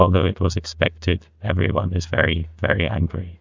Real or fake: fake